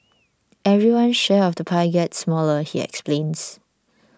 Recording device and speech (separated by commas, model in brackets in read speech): standing microphone (AKG C214), read sentence